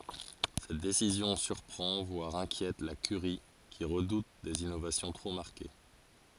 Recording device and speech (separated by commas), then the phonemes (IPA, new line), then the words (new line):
forehead accelerometer, read sentence
sɛt desizjɔ̃ syʁpʁɑ̃ vwaʁ ɛ̃kjɛt la kyʁi ki ʁədut dez inovasjɔ̃ tʁo maʁke
Cette décision surprend voire inquiète la curie qui redoute des innovations trop marquées.